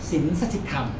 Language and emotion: Thai, neutral